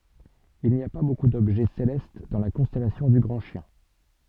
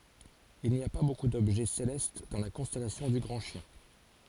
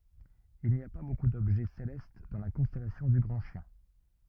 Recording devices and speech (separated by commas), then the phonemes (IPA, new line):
soft in-ear microphone, forehead accelerometer, rigid in-ear microphone, read sentence
il ni a pa boku dɔbʒɛ selɛst dɑ̃ la kɔ̃stɛlasjɔ̃ dy ɡʁɑ̃ ʃjɛ̃